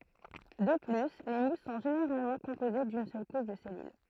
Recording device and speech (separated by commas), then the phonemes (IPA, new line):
throat microphone, read sentence
də ply le mus sɔ̃ ʒeneʁalmɑ̃ kɔ̃poze dyn sœl kuʃ də sɛlyl